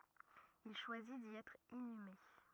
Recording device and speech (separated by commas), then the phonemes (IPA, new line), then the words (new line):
rigid in-ear microphone, read sentence
il ʃwazi di ɛtʁ inyme
Il choisit d'y être inhumé.